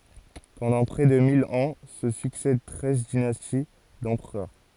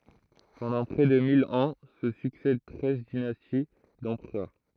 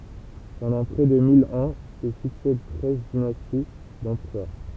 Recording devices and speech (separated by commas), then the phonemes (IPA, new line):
forehead accelerometer, throat microphone, temple vibration pickup, read sentence
pɑ̃dɑ̃ pʁɛ də mil ɑ̃ sə syksɛd tʁɛz dinasti dɑ̃pʁœʁ